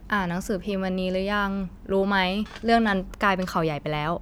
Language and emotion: Thai, neutral